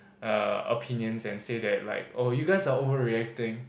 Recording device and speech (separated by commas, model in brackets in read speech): boundary microphone, conversation in the same room